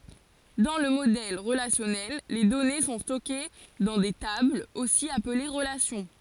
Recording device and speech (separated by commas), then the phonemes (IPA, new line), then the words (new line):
forehead accelerometer, read sentence
dɑ̃ lə modɛl ʁəlasjɔnɛl le dɔne sɔ̃ stɔke dɑ̃ de tablz osi aple ʁəlasjɔ̃
Dans le modèle relationnel, les données sont stockées dans des tables, aussi appelées relations.